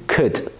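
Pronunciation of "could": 'Could' is said in its weak form, not its full pronunciation.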